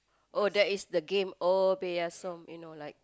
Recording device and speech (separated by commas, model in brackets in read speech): close-talking microphone, conversation in the same room